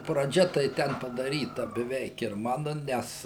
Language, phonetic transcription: Lithuanian, praˈdžia tai ˈten padaˈryta beˈveik ir ˈmanu ˈnes

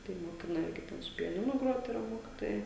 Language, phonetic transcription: Lithuanian, tai moˈkina ˈirgi ˈten su piaˈninu ˈgrot iˈra ˈmokitojai

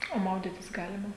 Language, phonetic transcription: Lithuanian, o ˈmaudytis ˈgalima

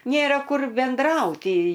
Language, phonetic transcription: Lithuanian, ˈnėra ˈkur benˈdrauti

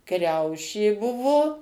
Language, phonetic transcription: Lithuanian, ˈkriaušė ˈbuvo

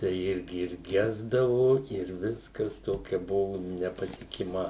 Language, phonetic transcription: Lithuanian, tai ˈirgi ir ˈgesdavo ir ˈviskas ˈtokia ˈbuvu nepatikiˈma

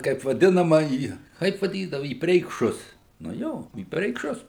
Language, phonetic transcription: Lithuanian, ˈkaip vaˈdinama į ˈkaip vaˈdydavu į preikˈšus nu ˈjo į preikˈšus

